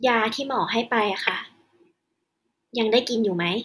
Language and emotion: Thai, neutral